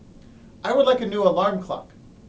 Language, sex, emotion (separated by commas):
English, male, neutral